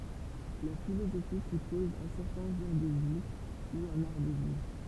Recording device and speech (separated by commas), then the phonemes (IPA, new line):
temple vibration pickup, read sentence
la filozofi sypɔz œ̃ sɛʁtɛ̃ ʒɑ̃ʁ də vi u œ̃n aʁ də vivʁ